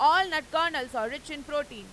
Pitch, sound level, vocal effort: 295 Hz, 103 dB SPL, very loud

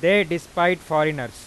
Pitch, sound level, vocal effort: 170 Hz, 98 dB SPL, very loud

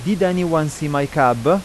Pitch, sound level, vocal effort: 155 Hz, 90 dB SPL, loud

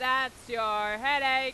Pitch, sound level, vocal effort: 255 Hz, 105 dB SPL, very loud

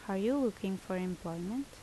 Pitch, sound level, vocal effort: 195 Hz, 77 dB SPL, normal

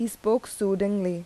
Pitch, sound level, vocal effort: 200 Hz, 82 dB SPL, normal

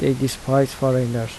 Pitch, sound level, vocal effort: 135 Hz, 78 dB SPL, soft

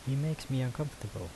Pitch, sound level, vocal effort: 130 Hz, 76 dB SPL, soft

